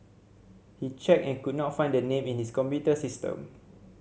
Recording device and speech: mobile phone (Samsung C7100), read sentence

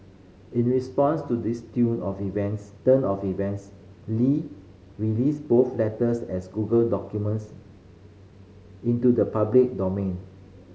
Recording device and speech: mobile phone (Samsung C5010), read sentence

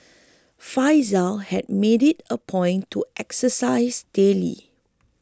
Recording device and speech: close-talking microphone (WH20), read sentence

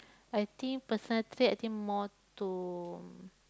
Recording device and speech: close-talking microphone, conversation in the same room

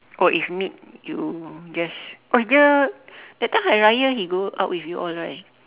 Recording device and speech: telephone, conversation in separate rooms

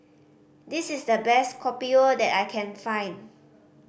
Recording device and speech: boundary microphone (BM630), read sentence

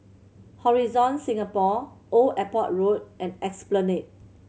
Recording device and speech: mobile phone (Samsung C7100), read sentence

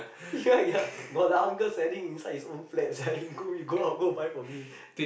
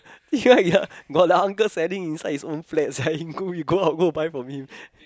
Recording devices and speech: boundary microphone, close-talking microphone, conversation in the same room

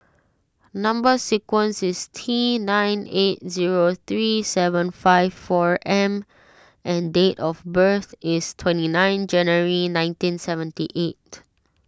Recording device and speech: standing microphone (AKG C214), read sentence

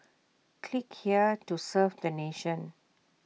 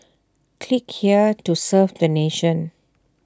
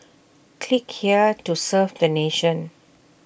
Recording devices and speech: mobile phone (iPhone 6), standing microphone (AKG C214), boundary microphone (BM630), read sentence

